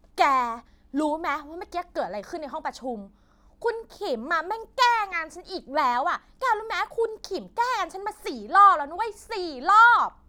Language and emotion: Thai, angry